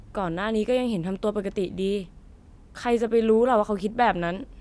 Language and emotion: Thai, frustrated